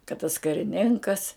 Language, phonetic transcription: Lithuanian, kad tas kariˈninkas

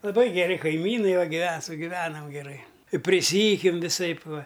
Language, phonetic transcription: Lithuanian, laˈbai geˈri kaiˈmynai va giˈve sugiˈvenam geˈrai priˈsyjukiam viˈsaip ˈva

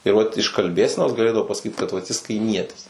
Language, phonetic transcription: Lithuanian, ir ˈvat iš kalˈbėsenos gaˈlėdavo pasaˈkyt kad vat jis kaiˈmietis

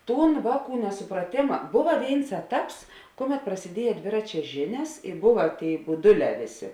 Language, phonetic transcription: Lithuanian, ˈtūn ˈvāˌkų nesupraˈtėma ˈbova ˈvėins ˈeˌtaps ˈkuˌmet prasiˈdieja ˈdviračia ˈžinias ir ˈbuva ˈtėi buˈduˌlē ˈvėˌsė

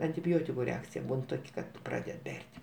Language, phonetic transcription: Lithuanian, antiˈbiotiku ˈreakcija ˈbūn ˈtok' kad ˈpraded ˈber't'

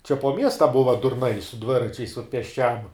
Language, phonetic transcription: Lithuanian, čia po ˈmiesta ˈbuva durˈnai su ˈdviračiais ut pėsˈčiam

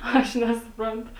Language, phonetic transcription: Lithuanian, ˈaš nesuˈprantu

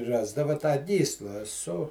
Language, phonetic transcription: Lithuanian, ˈrasdava tą ˈgysla su

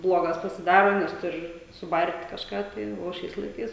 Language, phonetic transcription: Lithuanian, ˈblogas pasiˈdaro nes tur' suˈbar't' kažˈką tai o ˈšiais laiˈkais

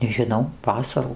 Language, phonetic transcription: Lithuanian, nežiˈnau ˈvasarų

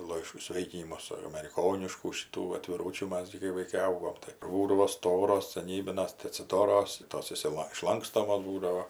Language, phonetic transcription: Lithuanian, ˈlaiš ˈsvėikinimus ameriˈkoniškų šiˈtų atviˈrūčių ˈmas gi kai vaiˈkai ˈaugom tai ˈkur va ˈstoros saˈnybinas tai atsiˈdoros ˈtos išsiˈla išˈlankstomos ˈbūdavo

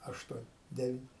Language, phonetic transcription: Lithuanian, ˈaštuon ˈdevin

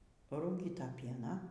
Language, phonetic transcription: Lithuanian, parūˈgyta ˈpieną

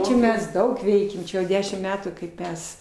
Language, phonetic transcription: Lithuanian, ˈčia ˈmes ˈdaug ˈveikiam ˈčia jau ˈdešim ˈmetų kaip ˈmes

